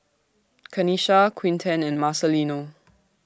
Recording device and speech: standing microphone (AKG C214), read sentence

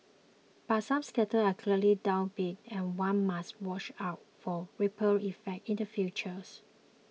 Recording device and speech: mobile phone (iPhone 6), read sentence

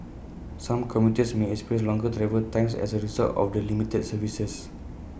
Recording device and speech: boundary microphone (BM630), read sentence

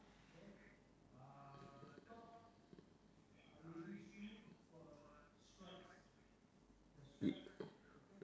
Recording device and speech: standing microphone, conversation in separate rooms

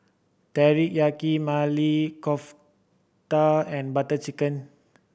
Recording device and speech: boundary microphone (BM630), read sentence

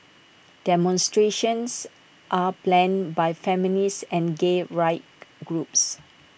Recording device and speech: boundary microphone (BM630), read sentence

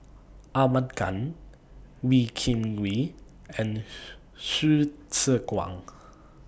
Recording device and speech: boundary microphone (BM630), read sentence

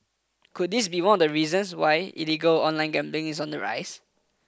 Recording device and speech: close-talking microphone (WH20), read sentence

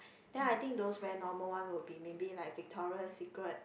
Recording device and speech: boundary microphone, conversation in the same room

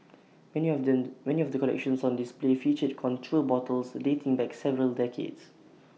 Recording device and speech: mobile phone (iPhone 6), read sentence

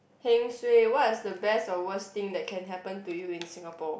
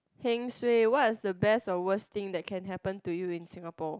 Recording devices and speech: boundary microphone, close-talking microphone, conversation in the same room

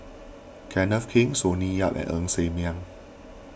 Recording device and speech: boundary microphone (BM630), read sentence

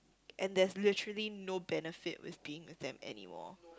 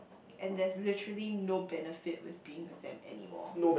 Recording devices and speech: close-talking microphone, boundary microphone, conversation in the same room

